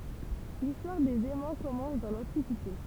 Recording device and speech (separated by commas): temple vibration pickup, read sentence